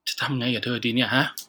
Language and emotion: Thai, frustrated